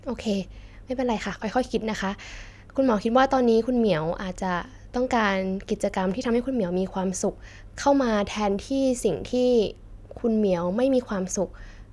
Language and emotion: Thai, neutral